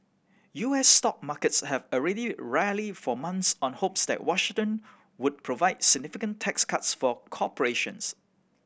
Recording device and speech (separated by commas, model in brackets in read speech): boundary microphone (BM630), read sentence